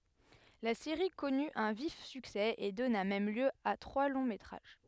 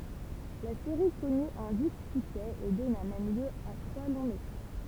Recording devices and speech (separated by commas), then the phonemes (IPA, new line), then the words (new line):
headset microphone, temple vibration pickup, read sentence
la seʁi kɔny œ̃ vif syksɛ e dɔna mɛm ljø a tʁwa lɔ̃ metʁaʒ
La série connu un vif succès et donna même lieu à trois longs métrages.